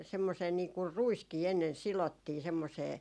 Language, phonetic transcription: Finnish, 'semmosee niiŋkur "ruiskii ennen 'silottii semmosee ,.
- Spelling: semmoiseen niin kuin ruiskin ennen sidottiin semmoiseen

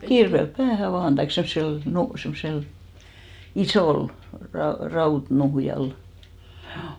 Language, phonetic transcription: Finnish, "kirvelp 'päähä 'vaan taik 'semssel , 'nu- , semssel , "isòl , 'rau- , 'rautnuhjal , ʰjuu .
- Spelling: kirveellä päähän vain tai semmoisella - semmoisella isolla - rautanuhjalla juu

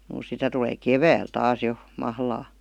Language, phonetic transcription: Finnish, (juu) 'sitä tulee "kevääl 'taas jo , 'mahlaa .
- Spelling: juu sitä tulee keväällä taas jo mahlaa

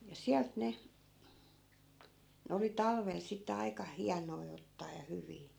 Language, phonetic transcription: Finnish, ja 'siält ne , 'ne oli 'talvel sitte 'ai̮ka "hianoi ottaa ja 'hyvii .
- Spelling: ja sieltä ne ne oli talvella sitten aika hienoja ottaa ja hyviä

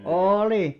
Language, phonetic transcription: Finnish, ooli .
- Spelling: oli

